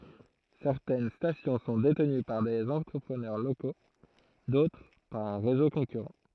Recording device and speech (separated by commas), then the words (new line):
throat microphone, read sentence
Certaines stations sont détenues par des entrepreneurs locaux, d'autres par un réseau concurrent.